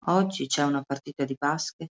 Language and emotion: Italian, neutral